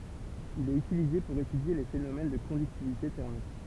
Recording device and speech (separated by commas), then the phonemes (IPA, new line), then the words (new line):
temple vibration pickup, read sentence
il ɛt ytilize puʁ etydje le fenomɛn də kɔ̃dyktivite tɛʁmik
Il est utilisé pour étudier les phénomènes de conductivité thermique.